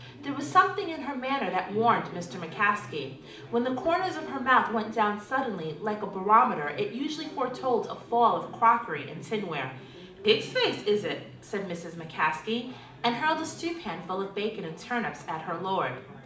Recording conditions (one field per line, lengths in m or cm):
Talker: one person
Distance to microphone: 2.0 m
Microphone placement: close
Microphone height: 99 cm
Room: medium-sized (5.7 m by 4.0 m)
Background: babble